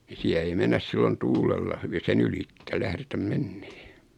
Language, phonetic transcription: Finnish, ni 'siä ei 'mennäs sillon "tuulella hyvi 'sen ‿ylitte 'lähretäm "mennee .
- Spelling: niin siellä ei mennä silloin tuulella hyvin sen ylitse lähdetä menemään

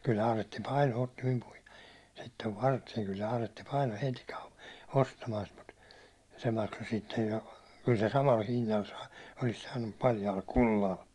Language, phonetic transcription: Finnish, kyllᵃ̈ 'aaretti "paino otti mim puhɪᴇ , sittev 'vartᴇᴇ , kyl'l ‿aaretti 'paino heti kau- , 'ostamaan sit mut , se 'makso sittej jo , kyl se 'samal 'hinnal saa- , olis saannum mut paljaal "kullal .
- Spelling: kyllä Aaretti painoi otti minun puheen sitten varteen kyllä Aaretti painoi heti - ostamaan sitä mutta se maksoi sitten jo kyllä se samalla hinnalla - olisi saanut mutta paljaalla kullalla

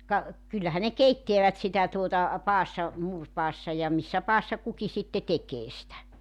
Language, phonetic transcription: Finnish, ka , 'kyllähä ne "keitteävät 'sitä tuota , 'paassa , 'muurpaassa ja 'missä 'paassa 'kuki sitte 'tekee sⁱtä .
- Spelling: ka kyllähän ne keittävät sitä tuota padassa muuripadassa ja missä padassa kukin sitten tekee sitä

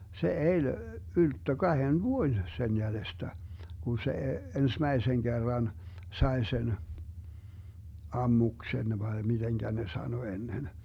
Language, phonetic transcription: Finnish, 'se "eĺ , 'ylttö 'kahen "vuoⁱn , 'sen 'jälestä , 'Gun se , 'ensmäiseŋ 'Gerran , 'sae sen , "ammuksen vae 'miDeŋGä ne 'sano ennen .
- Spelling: se eli ylttö kahden vuoden sen jäljestä kun se ensimmäisen kerran sai sen ammuksen vai miten ne sanoi ennen

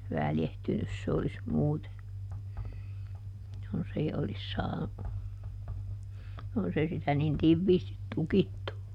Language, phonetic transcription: Finnish, ˈväljehtynys se olis ˈmuute , jonsei olis ˈsaa- , jonsei sitä nin ˈtivviistit "tukittu .
- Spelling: väljähtynyt se olisi muuten jos ei olisi - jos ei sitä niin tiiviisti tukittu

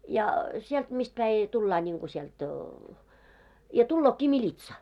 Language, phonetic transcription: Finnish, ja , sielt mist päi , 'tullaa ńiŋɢu siɛlt , ja 'tullookki "miĺitsa .
- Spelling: ja sieltä mistä päin tullaan niin kuin sieltä ja tuleekin militsa

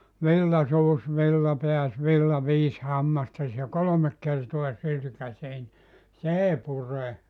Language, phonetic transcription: Finnish, 'villa 'suus 'villa 'peäs 'villa 'viis 'hammastas « ja "kolomek 'kertoa 'sylkäsee ni , "s ‿èi 'pure .
- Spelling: villa suusi villa pääsi villa viisi hammastasi ja kolme kertaa sylkäisee niin se ei pure

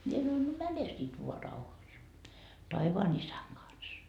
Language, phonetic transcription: Finnish, 'mie sanoin no "mäne sit voa 'rauhas , 'taivaan isäŋ kans .
- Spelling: minä sanoin no mene sitten vain rauhassa taivaan isän kanssa

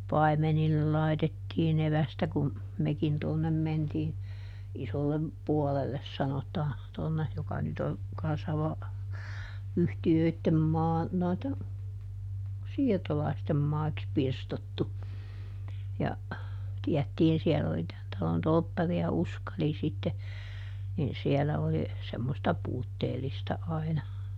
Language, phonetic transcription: Finnish, ˈpai̮menillel lai̮tettiiˈn ‿evästä kum , ˈmekin tuonnem ˈmentii , ˈisollem , ˈpuolelles ˈsanotaa , ˈtonne , joka ˈnyt ‿on , kan̬ssa va- , ˈyhti₍öittem ˈmaa , noitten , ˈsiirtolaistem maiks "pirstottu , ja , ˈtiättiin ˈsiɛll ‿oli ˈtän talon ˈtolppari₍a "Uskali sitte , nin ˈsiɛlä oli , semmosta "puutteelista aina .
- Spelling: paimenille laitettiin evästä kun mekin tuonne mentiin isolle puolelle sanotaan tuonne joka nyt on kanssa - yhtiöiden maa noiden siirtolaisten maiksi pirstottu ja tiedettiin siellä oli tämän talon torpparia Uskali sitten niin siellä oli semmoista puutteellista aina

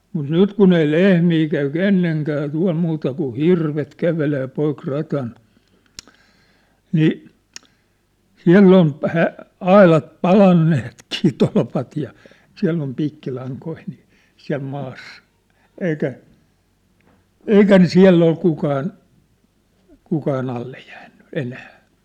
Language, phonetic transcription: Finnish, mut "nyt kun ‿ei "lehmi käy "kenneŋkää 'tua̭l muuta kun̬ "hirvet "kävelee 'poik 'rat̳an , 'nii , "siä̭ll ‿on , 'hä- , "ailat 'palanneh̳t̳kii 'tolpat ja , 'siäll ‿om 'piikkilaŋkoi nii , 'siä̭l maassᴀ , 'eikä , "eikä ne "siä̭ll ‿ol 'kukaan , 'kukaan ‿alle jäänny , 'enää .
- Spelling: mutta nyt kun ei lehmiä käy kenenkään tuolla muuta kuin hirvet kävelee poikki radan niin siellä on - aidat palaneetkin tolpat ja siellä on piikkilankoja niin siellä maassa eikä eikä ne siellä ole kukaan kukaan alle jäänyt enää

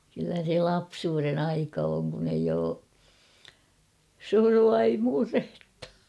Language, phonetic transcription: Finnish, kyllä se "lapsuuren 'aika oŋ kun ‿eij ‿oo , "surua ei 'murhᴇttᴀ .
- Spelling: kyllä se lapsuuden aika on kun ei ole surua ei murhetta

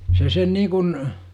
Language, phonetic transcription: Finnish, 'se sen 'niikun ,.
- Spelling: se sen niin kuin

